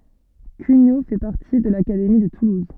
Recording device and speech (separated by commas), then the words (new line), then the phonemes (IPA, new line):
soft in-ear microphone, read sentence
Cugnaux fait partie de l'académie de Toulouse.
kyɲo fɛ paʁti də lakademi də tuluz